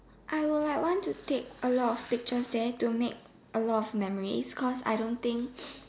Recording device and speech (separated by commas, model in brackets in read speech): standing microphone, conversation in separate rooms